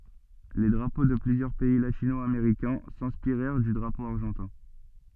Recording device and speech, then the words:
soft in-ear microphone, read sentence
Les drapeaux de plusieurs pays latino-américains s'inspirèrent du drapeau argentin.

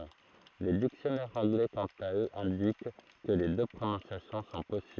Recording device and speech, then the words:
throat microphone, read sentence
Les dictionnaires anglais quant à eux indiquent que les deux prononciations sont possibles.

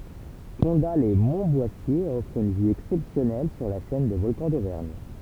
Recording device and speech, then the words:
temple vibration pickup, read sentence
Condat-lès-Montboissier offre une vue exceptionnelle sur la chaîne des Volcans d'Auvergne.

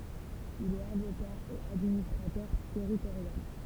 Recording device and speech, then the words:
temple vibration pickup, read sentence
Il est avocat et administrateur territorial.

